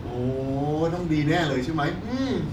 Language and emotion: Thai, happy